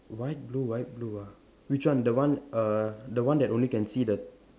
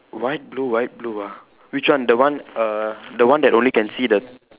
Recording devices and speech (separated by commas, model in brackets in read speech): standing microphone, telephone, conversation in separate rooms